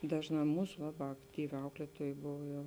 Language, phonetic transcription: Lithuanian, ˈdažˌnā ˈmūs va va ˈaktyˌvi ˈauklietuoj ˈbovo jau

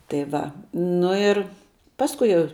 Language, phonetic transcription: Lithuanian, tai ˈva ˈnu ir ˈpaskui jau

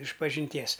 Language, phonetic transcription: Lithuanian, išpažinˈties

